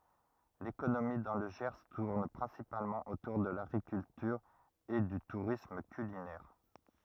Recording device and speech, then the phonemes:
rigid in-ear microphone, read sentence
lekonomi dɑ̃ lə ʒɛʁ tuʁn pʁɛ̃sipalmɑ̃ otuʁ də laɡʁikyltyʁ e dy tuʁism kylinɛʁ

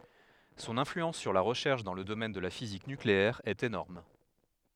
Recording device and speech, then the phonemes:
headset microphone, read sentence
sɔ̃n ɛ̃flyɑ̃s syʁ la ʁəʃɛʁʃ dɑ̃ lə domɛn də la fizik nykleɛʁ ɛt enɔʁm

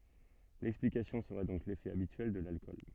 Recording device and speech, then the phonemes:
soft in-ear microphone, read sentence
lɛksplikasjɔ̃ səʁɛ dɔ̃k lefɛ abityɛl də lalkɔl

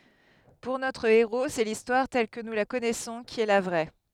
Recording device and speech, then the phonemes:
headset microphone, read sentence
puʁ notʁ eʁo sɛ listwaʁ tɛl kə nu la kɔnɛsɔ̃ ki ɛ la vʁɛ

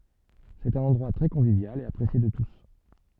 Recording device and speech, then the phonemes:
soft in-ear microphone, read sentence
sɛt œ̃n ɑ̃dʁwa tʁɛ kɔ̃vivjal e apʁesje də tus

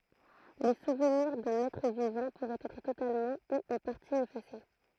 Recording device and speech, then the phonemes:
throat microphone, read sentence
le suvniʁ dœ̃n ɛtʁ vivɑ̃ puʁɛt ɛtʁ totalmɑ̃ u ɑ̃ paʁti efase

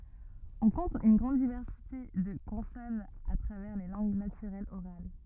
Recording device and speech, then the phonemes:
rigid in-ear microphone, read sentence
ɔ̃ kɔ̃t yn ɡʁɑ̃d divɛʁsite də kɔ̃sɔnz a tʁavɛʁ le lɑ̃ɡ natyʁɛlz oʁal

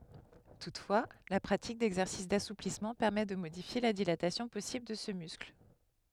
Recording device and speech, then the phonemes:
headset microphone, read sentence
tutfwa la pʁatik dɛɡzɛʁsis dasuplismɑ̃ pɛʁmɛ də modifje la dilatasjɔ̃ pɔsibl də sə myskl

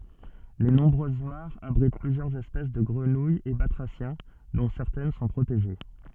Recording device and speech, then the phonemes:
soft in-ear microphone, read sentence
le nɔ̃bʁøz maʁz abʁit plyzjœʁz ɛspɛs də ɡʁənujz e batʁasjɛ̃ dɔ̃ sɛʁtɛn sɔ̃ pʁoteʒe

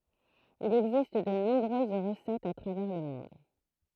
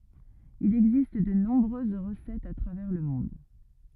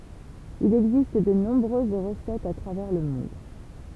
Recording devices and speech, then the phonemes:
throat microphone, rigid in-ear microphone, temple vibration pickup, read sentence
il ɛɡzist də nɔ̃bʁøz ʁəsɛtz a tʁavɛʁ lə mɔ̃d

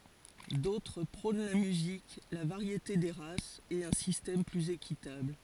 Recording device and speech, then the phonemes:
forehead accelerometer, read sentence
dotʁ pʁɔ̃n la myzik la vaʁjete de ʁasz e œ̃ sistɛm plyz ekitabl

